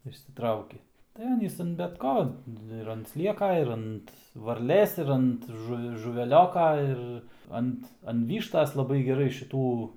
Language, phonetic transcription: Lithuanian, išsiˈtrauki tai ˈanys an bet ˈko tai ir ant ˈslieka ir ˈant varˈlės ir ˈant žu žuveˈlioka ˈir ˈant an ˈvyštas laˈbai geˈrai šiˈtų

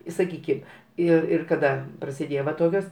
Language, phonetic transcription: Lithuanian, i saˈkykim ˈir ir kaˈda prasiˈdėjo va ˈtokios

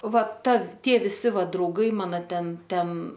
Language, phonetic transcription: Lithuanian, ˈva ˈta ˈtie viˈsi ˈva drauˈgai ˈmano ˈten ˈten

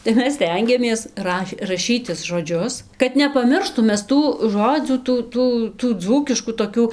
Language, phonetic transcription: Lithuanian, tai ˈmes ˈstengiamės ˈraš raˈšytis žoˈdžius kad nepaˈmirštum ˈmes ˈtų ˈžodzių ˈtų ˈtų tų ˈdzūkiškų toˈkių

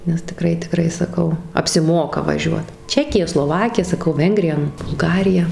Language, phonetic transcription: Lithuanian, nes tiˈkrai tiˈkrai saˈkau apsiˈmoka vaˈžiuot ˈčekija sloˈvakija saˈkau ˈvengrija nu bulˈgarija

